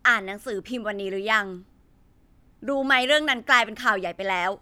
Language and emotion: Thai, frustrated